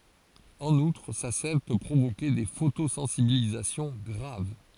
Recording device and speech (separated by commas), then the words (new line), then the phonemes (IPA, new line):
forehead accelerometer, read sentence
En outre, sa sève peut provoquer des photosensibilisations graves.
ɑ̃n utʁ sa sɛv pø pʁovoke de fotosɑ̃sibilizasjɔ̃ ɡʁav